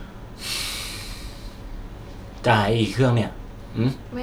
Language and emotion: Thai, frustrated